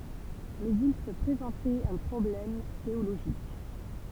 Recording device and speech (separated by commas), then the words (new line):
temple vibration pickup, read sentence
Mais il se présentait un problème théologique.